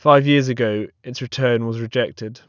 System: none